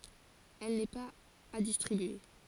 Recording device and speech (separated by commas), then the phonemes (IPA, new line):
forehead accelerometer, read sentence
ɛl nɛ paz a distʁibye